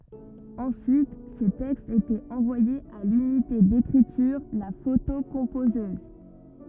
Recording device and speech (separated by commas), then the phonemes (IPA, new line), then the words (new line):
rigid in-ear microphone, read sentence
ɑ̃syit se tɛkstz etɛt ɑ̃vwajez a lynite dekʁityʁ la fotokɔ̃pozøz
Ensuite, ces textes étaient envoyés à l'unité d'écriture, la photocomposeuse.